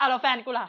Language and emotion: Thai, neutral